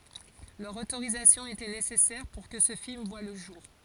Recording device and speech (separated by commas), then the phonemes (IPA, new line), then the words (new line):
forehead accelerometer, read sentence
lœʁ otoʁizasjɔ̃ etɛ nesɛsɛʁ puʁ kə sə film vwa lə ʒuʁ
Leur autorisation était nécessaire pour que ce film voit le jour.